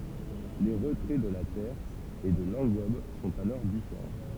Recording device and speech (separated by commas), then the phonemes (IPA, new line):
temple vibration pickup, read sentence
le ʁətʁɛ də la tɛʁ e də lɑ̃ɡɔb sɔ̃t alɔʁ difeʁɑ̃